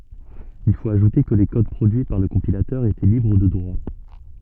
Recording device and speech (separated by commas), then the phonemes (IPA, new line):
soft in-ear microphone, read sentence
il fot aʒute kə le kod pʁodyi paʁ lə kɔ̃pilatœʁ etɛ libʁ də dʁwa